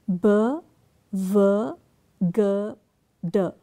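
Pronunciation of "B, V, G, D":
The consonant sounds b, v, g and d are said on their own rather than as the names of the letters, and all four are voiced.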